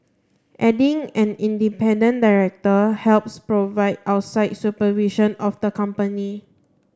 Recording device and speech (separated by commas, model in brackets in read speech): standing microphone (AKG C214), read sentence